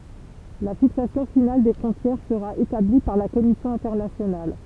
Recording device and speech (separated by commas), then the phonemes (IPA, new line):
temple vibration pickup, read sentence
la fiksasjɔ̃ final de fʁɔ̃tjɛʁ səʁa etabli paʁ la kɔmisjɔ̃ ɛ̃tɛʁnasjonal